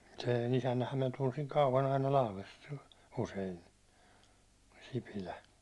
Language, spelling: Finnish, sen isännänhän minä tunsin kauan aina Lahdesta usein Sipilä
- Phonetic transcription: 'sèn "isännähäm minä tunsiŋ 'kauvan aina "Lahlest , 'usein , 'Sipilä .

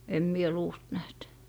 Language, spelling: Finnish, en minä luusta nähnyt
- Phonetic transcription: 'em mie "luust näht .

